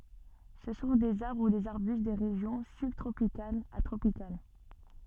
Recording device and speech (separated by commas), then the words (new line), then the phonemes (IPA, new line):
soft in-ear microphone, read sentence
Ce sont des arbres ou des arbustes des régions sub-tropicales à tropicales.
sə sɔ̃ dez aʁbʁ u dez aʁbyst de ʁeʒjɔ̃ sybtʁopikalz a tʁopikal